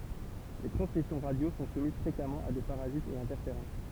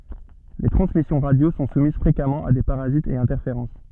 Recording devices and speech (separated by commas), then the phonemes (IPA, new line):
temple vibration pickup, soft in-ear microphone, read sentence
le tʁɑ̃smisjɔ̃ ʁadjo sɔ̃ sumiz fʁekamɑ̃ a de paʁazitz e ɛ̃tɛʁfeʁɑ̃s